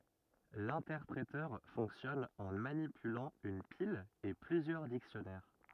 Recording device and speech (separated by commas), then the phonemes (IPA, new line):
rigid in-ear microphone, read sentence
lɛ̃tɛʁpʁetœʁ fɔ̃ksjɔn ɑ̃ manipylɑ̃ yn pil e plyzjœʁ diksjɔnɛʁ